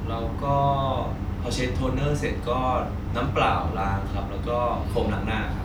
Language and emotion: Thai, neutral